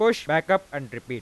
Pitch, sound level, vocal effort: 150 Hz, 97 dB SPL, normal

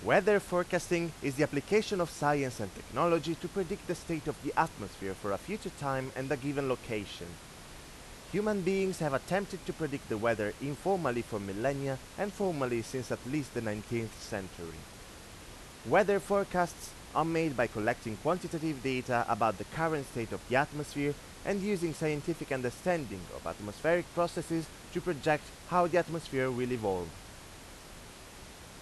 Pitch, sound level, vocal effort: 145 Hz, 91 dB SPL, loud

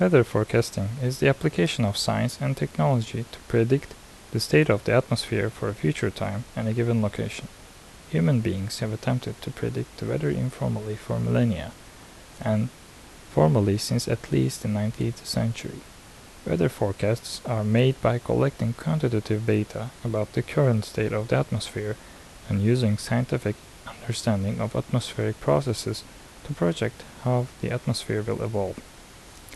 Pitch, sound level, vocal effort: 115 Hz, 73 dB SPL, soft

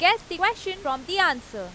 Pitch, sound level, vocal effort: 365 Hz, 96 dB SPL, very loud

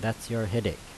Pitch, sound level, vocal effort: 110 Hz, 82 dB SPL, normal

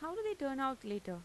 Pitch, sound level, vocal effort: 265 Hz, 89 dB SPL, normal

